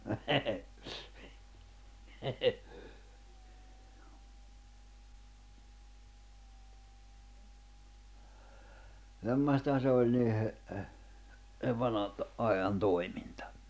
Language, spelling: Finnish, semmoistahan se oli niiden sen vanhan - ajan toiminta
- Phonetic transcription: 'semmośtaʰᵃ se oĺ niihe , sev 'vanha ‿t , '’ajan 'toi̬mintᴀ .

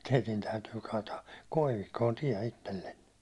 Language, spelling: Finnish, teidän täytyy kaataa koivikkoon tie itsellenne
- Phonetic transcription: » teitin täytyy kaataak 'koivikkoon 'tiɛ 'itellenne . «

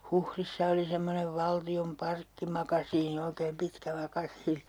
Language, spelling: Finnish, Huhdissa oli semmoinen valtion parkkimakasiini oikein pitkä makasiini
- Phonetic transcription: 'Huhrissa oli semmonev 'valti₍om 'parkkimakasiini oikeem 'pitkä 'makasiini .

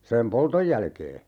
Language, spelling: Finnish, sen polton jälkeen
- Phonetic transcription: 'sem "poltoj jälkee .

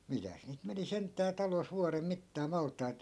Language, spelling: Finnish, mitäs niitä meni sentään talossa vuoden mittaan maltaita
- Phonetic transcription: mitäs niit 'meni 'sent̆tää talos 'vuarem 'mittaa 'malt̆tait , .

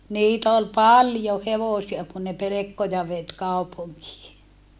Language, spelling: Finnish, niitä oli paljon hevosia kun ne pelkkoja veti kaupunkiin
- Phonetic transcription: niit ‿ol paljo hevosia kun ne pelekkoja vet kaupuŋkii .

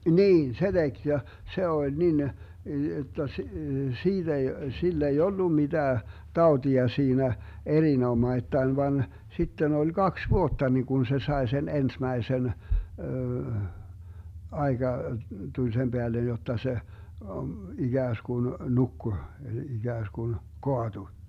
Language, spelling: Finnish, niin se teki ja se oli niin jotta - siitä ei sillä ei ollut mitään tautia siinä erinomattain vaan sitten oli kaksi vuotta niin kun se sai sen ensimmäisen aika tuli sen päälle jotta se ikään kuin nukkui ikään kuin kaatui
- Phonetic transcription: "niin 'se 'DeG ja , 'se 'oĺ 'nin , jotta s- , 'siiD ‿ei , 'sill ‿ei 'ollu 'miDää , "taotia 'siinä , 'erinomaittain van , 'sitten 'oĺ "Gaks 'vuotta ni kun 'se 'sae 'sen "ensmäisen , 'aeGa , 'tuĺ sem 'Beälen jotta se , 'iGääsGun "nukku , 'iGääsGun , "koatu .

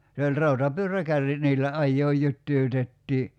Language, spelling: Finnish, se oli rautapyöräkärryt niillä ajaa jytyytettiin
- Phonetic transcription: se oĺ "rautapyör̀ä'kärrit niillä 'ajjooj 'jyttyytettii .

